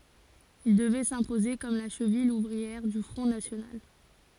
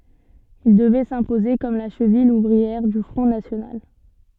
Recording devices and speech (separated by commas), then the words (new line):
forehead accelerometer, soft in-ear microphone, read sentence
Il devait s'imposer comme la cheville ouvrière du Front national.